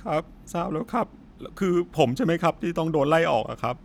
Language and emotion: Thai, sad